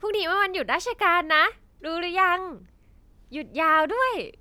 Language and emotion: Thai, happy